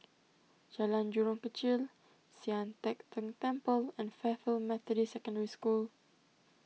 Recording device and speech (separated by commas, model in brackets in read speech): mobile phone (iPhone 6), read sentence